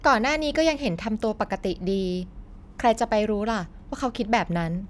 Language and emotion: Thai, neutral